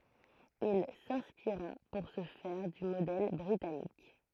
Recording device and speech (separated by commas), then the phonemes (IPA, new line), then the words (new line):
throat microphone, read sentence
il sɛ̃spiʁa puʁ sə fɛʁ dy modɛl bʁitanik
Il s'inspira pour ce faire du modèle britannique.